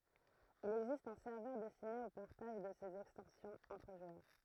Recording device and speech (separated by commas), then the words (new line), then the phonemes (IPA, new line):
throat microphone, read sentence
Il existe un serveur destiné au partage de ces extensions entre joueurs.
il ɛɡzist œ̃ sɛʁvœʁ dɛstine o paʁtaʒ də sez ɛkstɑ̃sjɔ̃z ɑ̃tʁ ʒwœʁ